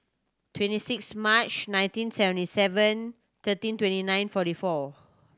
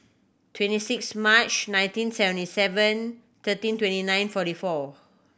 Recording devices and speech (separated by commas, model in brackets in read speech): standing microphone (AKG C214), boundary microphone (BM630), read sentence